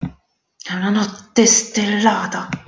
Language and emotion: Italian, angry